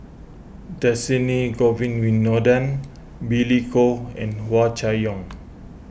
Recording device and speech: boundary microphone (BM630), read sentence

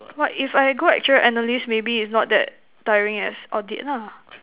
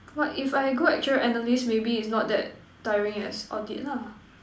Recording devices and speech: telephone, standing microphone, conversation in separate rooms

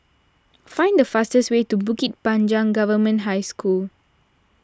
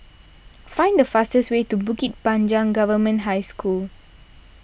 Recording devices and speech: standing microphone (AKG C214), boundary microphone (BM630), read sentence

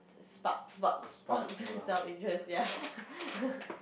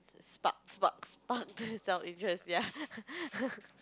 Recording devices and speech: boundary microphone, close-talking microphone, conversation in the same room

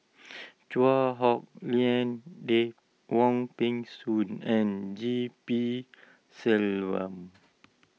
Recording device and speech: mobile phone (iPhone 6), read sentence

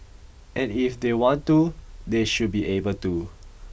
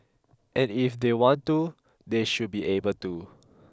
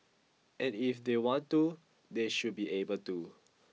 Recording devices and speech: boundary microphone (BM630), close-talking microphone (WH20), mobile phone (iPhone 6), read sentence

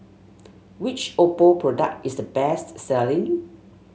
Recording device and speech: mobile phone (Samsung S8), read sentence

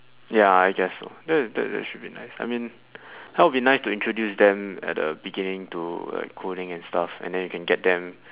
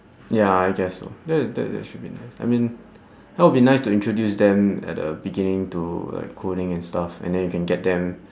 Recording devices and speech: telephone, standing microphone, conversation in separate rooms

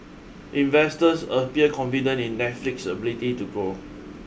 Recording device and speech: boundary microphone (BM630), read sentence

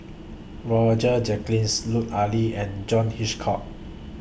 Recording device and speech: boundary microphone (BM630), read sentence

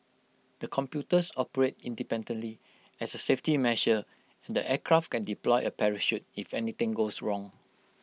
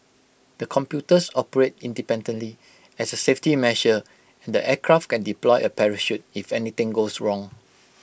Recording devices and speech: mobile phone (iPhone 6), boundary microphone (BM630), read sentence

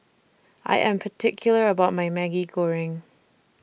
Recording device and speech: boundary microphone (BM630), read sentence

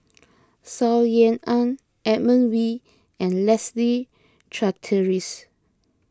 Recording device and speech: close-talking microphone (WH20), read sentence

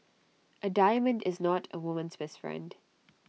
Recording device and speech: mobile phone (iPhone 6), read sentence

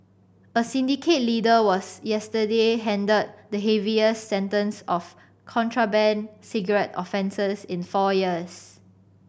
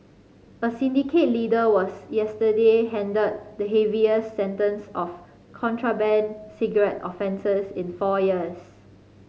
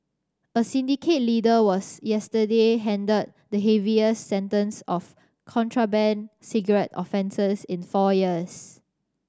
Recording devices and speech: boundary microphone (BM630), mobile phone (Samsung C5010), standing microphone (AKG C214), read sentence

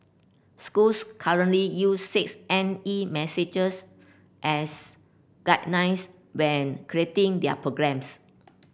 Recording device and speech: boundary microphone (BM630), read sentence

